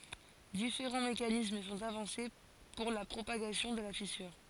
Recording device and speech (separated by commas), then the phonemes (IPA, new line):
forehead accelerometer, read sentence
difeʁɑ̃ mekanism sɔ̃t avɑ̃se puʁ la pʁopaɡasjɔ̃ də la fisyʁ